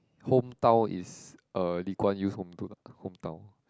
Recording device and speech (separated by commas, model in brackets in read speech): close-talking microphone, conversation in the same room